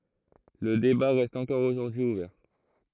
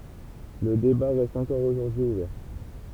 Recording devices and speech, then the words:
throat microphone, temple vibration pickup, read sentence
Le débat reste encore aujourd'hui ouvert.

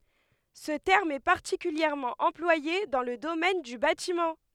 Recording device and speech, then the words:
headset microphone, read sentence
Ce terme est particulièrement employé dans le domaine du bâtiment.

